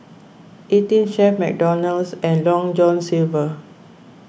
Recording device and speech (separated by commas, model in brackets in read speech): boundary microphone (BM630), read sentence